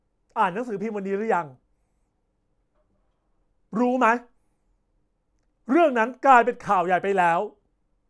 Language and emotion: Thai, angry